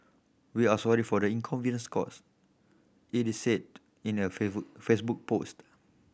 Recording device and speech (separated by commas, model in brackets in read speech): boundary microphone (BM630), read sentence